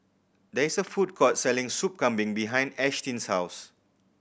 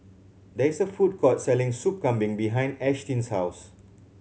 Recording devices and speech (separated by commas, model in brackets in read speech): boundary microphone (BM630), mobile phone (Samsung C7100), read sentence